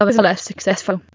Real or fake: fake